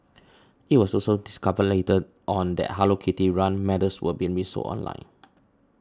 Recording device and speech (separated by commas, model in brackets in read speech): standing microphone (AKG C214), read sentence